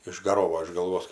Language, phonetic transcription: Lithuanian, išgaˈrovo iš galˈvos

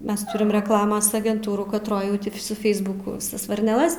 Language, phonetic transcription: Lithuanian, ˈmes ˈturim rekˈlamas agenˈtūrų katˈroj ˈjau ˈti su ˈfeisbuku viˈsas varneˈlas

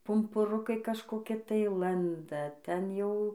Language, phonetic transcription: Lithuanian, pumpuˈrukai kažkoˈki tai ˈlanda ˈten jau

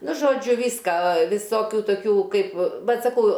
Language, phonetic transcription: Lithuanian, ˈnu žoˈdžiu ˈvyska viˈsokiu toˈkių ˈkaip ˈbet saˈkau

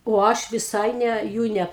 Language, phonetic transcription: Lithuanian, o ˈaš viˈsai ˈne ˈjų ne

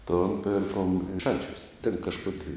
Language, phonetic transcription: Lithuanian, ton ˈpirkom ˈšančiuos ten kažˈkoki

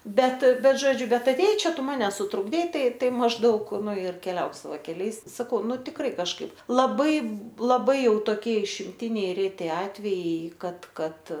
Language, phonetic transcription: Lithuanian, ˈbet ˈbet ˈžodžiu ˈbet atėˈjai ˈčia ˈtu ˈmane sutrukˈdei ˈtai ˈtai mažˈdaug ˈnu ir keˈliauk saˈvai keˈliais saˈkau ˈnu tikˈrai kažˈkaip laˈbai laˈbai ˈjau toˈkie išimˈtiniai ˈreti ˈatvejai ˈkad ˈkad

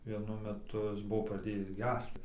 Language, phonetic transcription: Lithuanian, vieˈnu meˈtu ˈjis ˈbuvo praˈdėjis ˈgerc

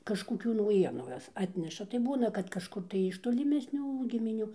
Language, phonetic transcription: Lithuanian, kažkoˈkių nauˈjienuu ˈjos ˈatneša tai ˈbūna kad kažˈkur tai iš toliˈmesnių gimiˈnių

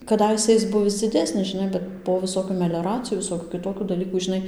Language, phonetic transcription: Lithuanian, kaˈdaise is ˈbuvis dziˈdesnis žiˈnai ˈbet po viˈsokių melioˈracijų viˈsokių kiˈtokių daˈlykų žiˈnai

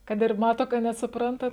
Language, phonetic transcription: Lithuanian, ˈkad ir ˈmato ka nesuˈprantat

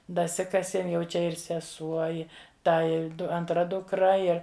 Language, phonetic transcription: Lithuanian, daˈsikasiem jau ˈčia ir seˈsuo ˈi ˈta ir ˈdu antˈra dukˈra ˈir

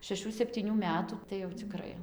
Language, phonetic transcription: Lithuanian, šeˈšų septyˈnių ˈmetų tai jau ciˈkrai

